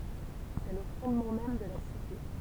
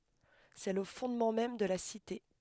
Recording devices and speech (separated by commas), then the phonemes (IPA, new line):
temple vibration pickup, headset microphone, read sentence
sɛ lə fɔ̃dmɑ̃ mɛm də la site